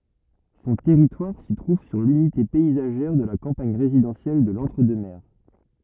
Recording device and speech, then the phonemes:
rigid in-ear microphone, read sentence
sɔ̃ tɛʁitwaʁ sə tʁuv syʁ lynite pɛizaʒɛʁ də la kɑ̃paɲ ʁezidɑ̃sjɛl də lɑ̃tʁ dø mɛʁ

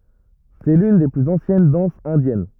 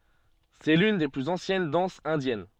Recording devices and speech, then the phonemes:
rigid in-ear microphone, soft in-ear microphone, read sentence
sɛ lyn de plyz ɑ̃sjɛn dɑ̃sz ɛ̃djɛn

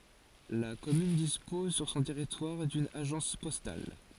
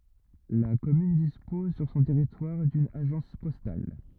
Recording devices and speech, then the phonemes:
forehead accelerometer, rigid in-ear microphone, read sentence
la kɔmyn dispɔz syʁ sɔ̃ tɛʁitwaʁ dyn aʒɑ̃s pɔstal

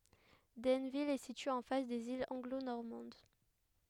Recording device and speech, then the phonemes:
headset microphone, read sentence
dɛnvil ɛ sitye ɑ̃ fas dez ilz ɑ̃ɡlo nɔʁmɑ̃d

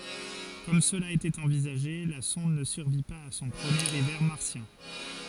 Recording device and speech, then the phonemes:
forehead accelerometer, read sentence
kɔm səla etɛt ɑ̃vizaʒe la sɔ̃d nə syʁvi paz a sɔ̃ pʁəmjeʁ ivɛʁ maʁsjɛ̃

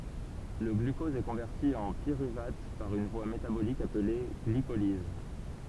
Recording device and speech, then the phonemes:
temple vibration pickup, read sentence
lə ɡlykɔz ɛ kɔ̃vɛʁti ɑ̃ piʁyvat paʁ yn vwa metabolik aple ɡlikoliz

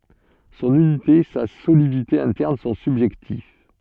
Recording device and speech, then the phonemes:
soft in-ear microphone, read sentence
sɔ̃n ynite sa solidite ɛ̃tɛʁn sɔ̃ sybʒɛktiv

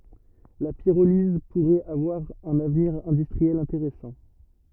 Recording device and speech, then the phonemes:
rigid in-ear microphone, read sentence
la piʁoliz puʁɛt avwaʁ œ̃n avniʁ ɛ̃dystʁiɛl ɛ̃teʁɛsɑ̃

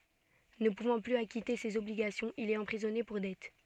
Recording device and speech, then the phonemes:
soft in-ear microphone, read sentence
nə puvɑ̃ plyz akite sez ɔbliɡasjɔ̃z il ɛt ɑ̃pʁizɔne puʁ dɛt

